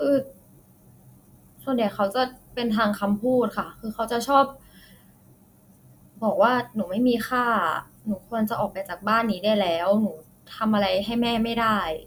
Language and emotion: Thai, sad